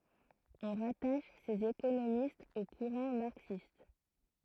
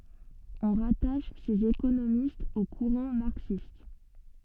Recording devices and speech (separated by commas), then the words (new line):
throat microphone, soft in-ear microphone, read sentence
On rattache ces économistes au courant marxiste.